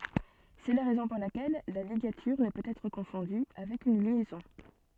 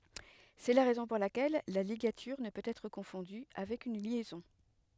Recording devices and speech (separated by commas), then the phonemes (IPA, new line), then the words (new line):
soft in-ear microphone, headset microphone, read sentence
sɛ la ʁɛzɔ̃ puʁ lakɛl la liɡatyʁ nə pøt ɛtʁ kɔ̃fɔ̃dy avɛk yn ljɛzɔ̃
C'est la raison pour laquelle la ligature ne peut être confondue avec une liaison.